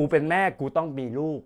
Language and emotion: Thai, frustrated